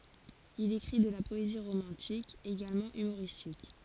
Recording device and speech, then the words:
forehead accelerometer, read sentence
Il écrit de la poésie romantique, également humoristique.

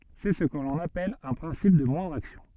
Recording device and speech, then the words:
soft in-ear microphone, read sentence
C'est ce que l'on appelle un principe de moindre action.

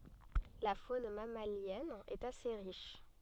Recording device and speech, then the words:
soft in-ear microphone, read sentence
La faune mammalienne est assez riche.

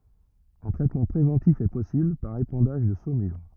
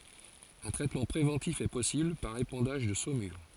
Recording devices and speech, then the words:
rigid in-ear microphone, forehead accelerometer, read sentence
Un traitement préventif est possible par épandage de saumure.

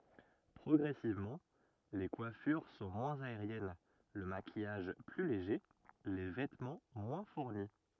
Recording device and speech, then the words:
rigid in-ear microphone, read sentence
Progressivement, les coiffures sont moins aériennes, le maquillage plus léger, les vêtements moins fournis.

